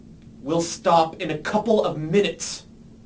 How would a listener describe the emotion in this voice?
angry